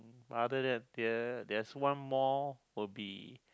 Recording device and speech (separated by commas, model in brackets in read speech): close-talking microphone, conversation in the same room